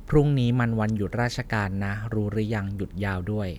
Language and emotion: Thai, neutral